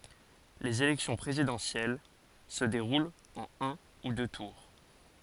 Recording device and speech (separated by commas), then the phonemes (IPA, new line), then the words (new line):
forehead accelerometer, read sentence
lez elɛksjɔ̃ pʁezidɑ̃sjɛl sə deʁult ɑ̃n œ̃ u dø tuʁ
Les élections présidentielles se déroulent en un ou deux tours.